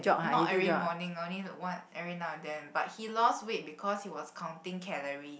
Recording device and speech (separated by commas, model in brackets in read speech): boundary microphone, conversation in the same room